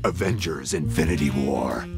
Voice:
movie trailer voice